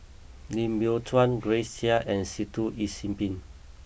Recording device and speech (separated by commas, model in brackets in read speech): boundary microphone (BM630), read sentence